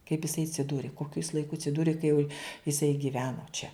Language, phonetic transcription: Lithuanian, kaip isai atsiˈdūri ˈkokiu is laiˈku atsiˈdūri ka jau iˈsai giˈveno čia

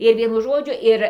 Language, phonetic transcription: Lithuanian, ir ˈvienu ˈžodžiu ˈir

